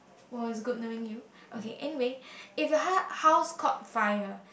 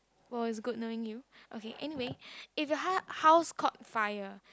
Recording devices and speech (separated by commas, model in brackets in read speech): boundary microphone, close-talking microphone, conversation in the same room